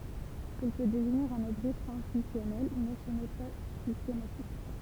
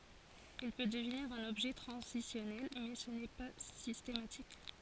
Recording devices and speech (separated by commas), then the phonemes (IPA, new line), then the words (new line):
temple vibration pickup, forehead accelerometer, read sentence
il pø dəvniʁ œ̃n ɔbʒɛ tʁɑ̃zisjɔnɛl mɛ sə nɛ pa sistematik
Il peut devenir un objet transitionnel mais ce n'est pas systématique.